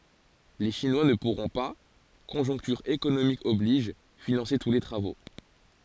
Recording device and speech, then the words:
forehead accelerometer, read sentence
Les Chinois ne pourront pas, conjoncture économique oblige, financer tous les travaux.

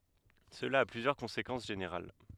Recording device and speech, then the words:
headset microphone, read sentence
Cela a plusieurs conséquences générales.

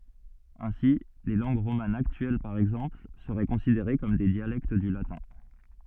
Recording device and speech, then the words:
soft in-ear microphone, read sentence
Ainsi, les langues romanes actuelles par exemple seraient considérées comme des dialectes du latin.

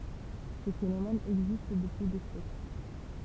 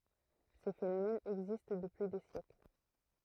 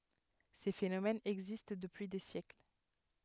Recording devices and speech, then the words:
temple vibration pickup, throat microphone, headset microphone, read sentence
Ces phénomènes existent depuis des siècles.

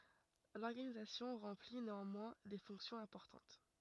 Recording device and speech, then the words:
rigid in-ear microphone, read sentence
L'organisation remplit néanmoins des fonctions importantes.

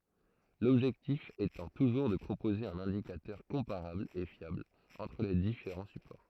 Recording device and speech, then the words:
throat microphone, read sentence
L'objectif étant toujours de proposer un indicateur comparable et fiable entre les différents supports.

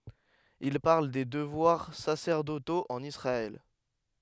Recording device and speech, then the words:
headset microphone, read sentence
Il parle des devoirs sacerdotaux en Israël.

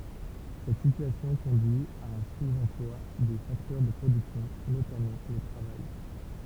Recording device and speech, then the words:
temple vibration pickup, read sentence
Cette situation conduit à un sous-emploi des facteurs de production, notamment le travail.

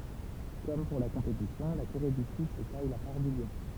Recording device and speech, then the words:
temple vibration pickup, read sentence
Comme pour la compétition, la Corée du Sud se taille la part du lion.

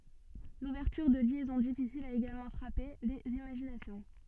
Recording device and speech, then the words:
soft in-ear microphone, read sentence
L'ouverture de liaisons difficiles a également frappé les imaginations.

